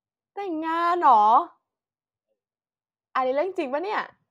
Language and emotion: Thai, happy